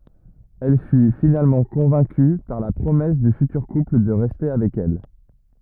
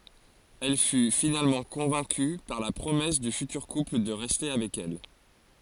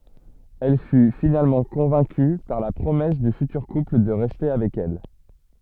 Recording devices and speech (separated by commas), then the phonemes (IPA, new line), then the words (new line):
rigid in-ear microphone, forehead accelerometer, soft in-ear microphone, read sentence
ɛl fy finalmɑ̃ kɔ̃vɛ̃ky paʁ la pʁomɛs dy fytyʁ kupl də ʁɛste avɛk ɛl
Elle fut finalement convaincue par la promesse du futur couple de rester avec elle.